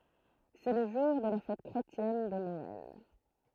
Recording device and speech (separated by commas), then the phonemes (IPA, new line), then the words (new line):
throat microphone, read sentence
sɛ lə ʒuʁ də la fɛt kʁetjɛn də nɔɛl
C'est le jour de la fête chrétienne de Noël.